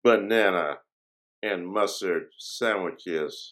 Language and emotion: English, disgusted